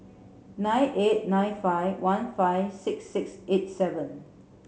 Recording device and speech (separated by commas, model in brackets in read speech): mobile phone (Samsung C7), read sentence